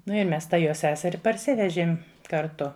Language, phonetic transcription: Lithuanian, ˈnu i ˈmes ˈtą ˈjo ˈseseri parˈsivežėm karˈtu

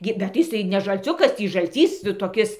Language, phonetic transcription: Lithuanian, ˈgi bet tai jiˈsai ne žalˈciukas ˈtį žalˈcys toˈkis

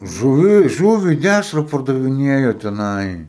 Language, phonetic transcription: Lithuanian, žuˈvi ˈžūvi ˈdæšra pardaviˈnėjo teˈnai

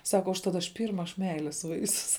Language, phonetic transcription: Lithuanian, ˈsaka užˈtat aš ˈpyrma aš ˈmeilės ˈvaisius

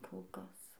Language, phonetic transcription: Lithuanian, ˈkol ˈkas

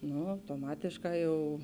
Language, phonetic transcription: Lithuanian, ˈnu autoˈmatėšˌkā jau

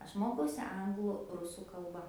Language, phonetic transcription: Lithuanian, ˈaš ˈmokausi ˈanglu ˈrusų kalˈba

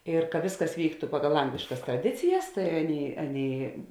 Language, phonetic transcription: Lithuanian, ir ka ˈvėsˌkas ˈvyktu ˈpagal ˈangliškas traˈdicijas tai ˈaˌnėi ˈaˌnėi

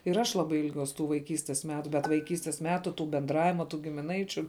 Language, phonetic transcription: Lithuanian, ir ˈaš ˈlabai ilˈgiuos tų vaiˈkystes ˈmetu bet vaiˈkystes ˈmetu tų benˈdravima tų gimiˈnaičiu

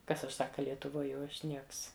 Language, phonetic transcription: Lithuanian, ˈkas aš ˈsaka lietuˈvoj jau ˈaš ˈnieks

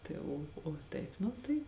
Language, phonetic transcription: Lithuanian, ˈtai o o ˈtaip ˈnu tai

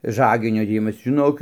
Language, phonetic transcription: Lithuanian, ˈžaginio dėˈjimas žiˈnok

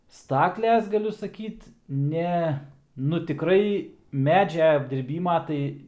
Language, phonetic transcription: Lithuanian, ˈstakles gaˈliu saˈkyt ˈne nu tiˈkrai ˈmedžia apdirˈbyma ˈtai

